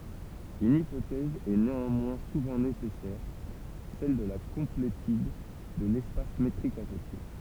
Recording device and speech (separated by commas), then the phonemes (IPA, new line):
temple vibration pickup, read sentence
yn ipotɛz ɛ neɑ̃mwɛ̃ suvɑ̃ nesɛsɛʁ sɛl də la kɔ̃pletyd də lɛspas metʁik asosje